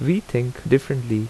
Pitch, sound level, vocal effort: 130 Hz, 80 dB SPL, loud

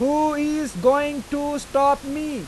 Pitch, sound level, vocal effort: 285 Hz, 97 dB SPL, loud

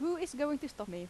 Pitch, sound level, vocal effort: 290 Hz, 87 dB SPL, loud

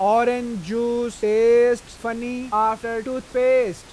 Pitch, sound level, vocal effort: 235 Hz, 98 dB SPL, loud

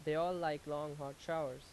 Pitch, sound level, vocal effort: 150 Hz, 88 dB SPL, loud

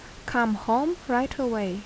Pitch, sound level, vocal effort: 240 Hz, 77 dB SPL, normal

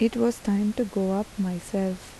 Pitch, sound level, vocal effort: 205 Hz, 77 dB SPL, soft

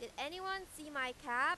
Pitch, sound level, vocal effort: 305 Hz, 99 dB SPL, very loud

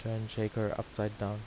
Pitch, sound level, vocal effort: 110 Hz, 79 dB SPL, soft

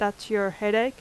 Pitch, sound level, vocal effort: 210 Hz, 86 dB SPL, loud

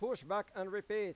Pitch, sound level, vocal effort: 205 Hz, 99 dB SPL, loud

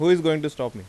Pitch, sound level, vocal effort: 150 Hz, 91 dB SPL, normal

